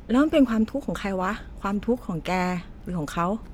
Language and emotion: Thai, frustrated